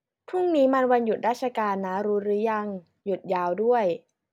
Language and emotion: Thai, neutral